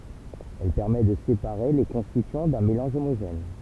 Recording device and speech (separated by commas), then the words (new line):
temple vibration pickup, read sentence
Elle permet de séparer les constituants d'un mélange homogène.